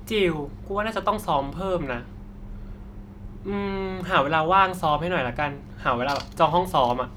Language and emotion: Thai, frustrated